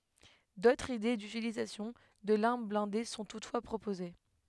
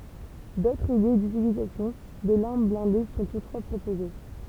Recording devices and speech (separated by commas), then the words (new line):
headset microphone, temple vibration pickup, read sentence
D'autres idées d'utilisation de l'arme blindée sont toutefois proposées.